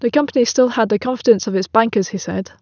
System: none